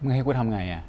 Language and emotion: Thai, frustrated